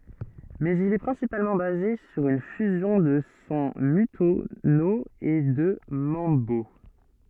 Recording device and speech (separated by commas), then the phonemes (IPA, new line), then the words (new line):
soft in-ear microphone, read sentence
mɛz il ɛ pʁɛ̃sipalmɑ̃ baze syʁ yn fyzjɔ̃ də sɔ̃ mɔ̃tyno e də mɑ̃bo
Mais il est principalement basé sur une fusion de son montuno et de mambo.